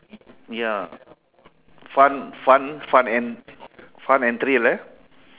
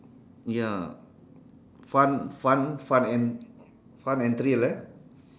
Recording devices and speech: telephone, standing microphone, conversation in separate rooms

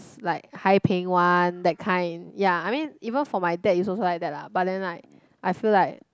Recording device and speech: close-talking microphone, conversation in the same room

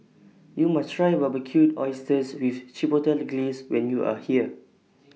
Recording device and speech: mobile phone (iPhone 6), read sentence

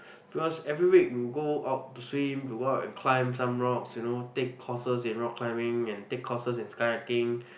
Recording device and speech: boundary microphone, conversation in the same room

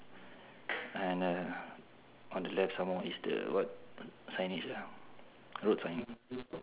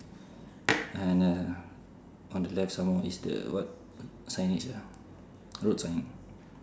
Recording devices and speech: telephone, standing microphone, conversation in separate rooms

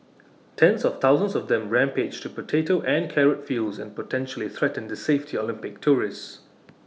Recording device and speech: mobile phone (iPhone 6), read sentence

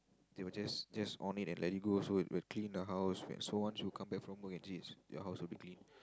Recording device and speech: close-talking microphone, conversation in the same room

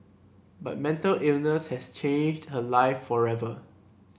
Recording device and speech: boundary microphone (BM630), read sentence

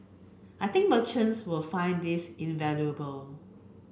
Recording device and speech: boundary microphone (BM630), read sentence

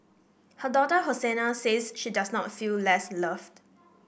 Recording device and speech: boundary microphone (BM630), read sentence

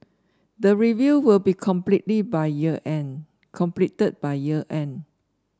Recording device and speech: standing microphone (AKG C214), read sentence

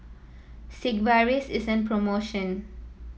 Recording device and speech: mobile phone (iPhone 7), read sentence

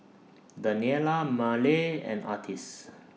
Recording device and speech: mobile phone (iPhone 6), read sentence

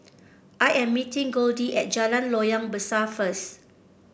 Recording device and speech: boundary microphone (BM630), read sentence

